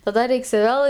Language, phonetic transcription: Lithuanian, taˈda ˈreiks ˈvėl

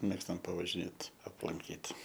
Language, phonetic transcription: Lithuanian, ˈmėgstam pavažiˈnėt aplanˈkyt

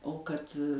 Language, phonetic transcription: Lithuanian, o kad

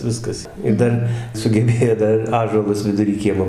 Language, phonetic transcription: Lithuanian, ˈviskas ir ˈdar sugeˈbėjo ˈdar ir ˈąžuolus viduˈry ˈkiemo

